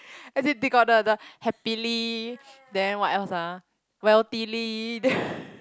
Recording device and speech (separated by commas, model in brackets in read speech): close-talking microphone, conversation in the same room